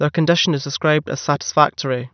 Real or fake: real